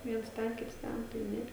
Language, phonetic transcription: Lithuanian, ˈviens ˈten ˈkits ˈten tai ˈne

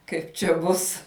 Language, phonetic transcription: Lithuanian, ˈkaip čia ˈbus

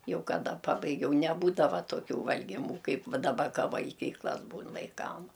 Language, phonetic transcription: Lithuanian, ˈjau kaˈda ˈpabaigiau neˈbūdava toˈkių valgiˈmų ˈkaip ˈva daˈba ˈka valˈgyklas ˈbūn vaiˈkam

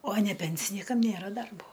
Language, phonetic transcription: Lithuanian, o ne ˈpensinykam ˈnėra ˈdarbo

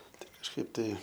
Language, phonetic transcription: Lithuanian, ˈtai kažˈkaip tai

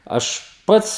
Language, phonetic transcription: Lithuanian, ˈaš ˈpats

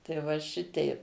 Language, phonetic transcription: Lithuanian, tai ˈva ˈšitei

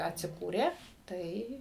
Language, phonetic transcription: Lithuanian, atsiˈkūrė ˈtai

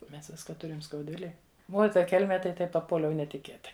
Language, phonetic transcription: Lithuanian, ˈmes ˈvisko ˈturim skaudˈvilėj ˈuo i ˈta ˈkelme tai ˈtaip paˈpuoliau netiˈkėtai

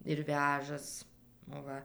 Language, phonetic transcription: Lithuanian, ir ˈvežas ˈva

